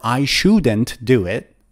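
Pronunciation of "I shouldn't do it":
In 'I shouldn't do it', 'shouldn't' is said in full with its d sound, not in the fast form with the d removed.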